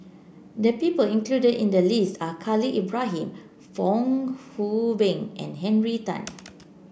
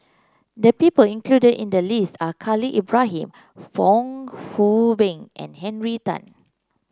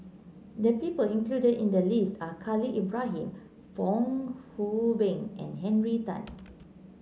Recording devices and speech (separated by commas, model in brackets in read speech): boundary microphone (BM630), close-talking microphone (WH30), mobile phone (Samsung C9), read sentence